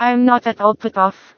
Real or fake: fake